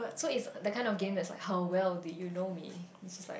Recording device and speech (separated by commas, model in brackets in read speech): boundary microphone, conversation in the same room